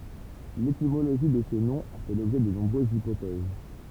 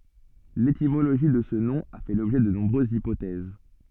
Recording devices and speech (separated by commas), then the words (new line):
temple vibration pickup, soft in-ear microphone, read sentence
L'étymologie de ce nom a fait l'objet de nombreuses hypothèses.